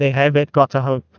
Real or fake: fake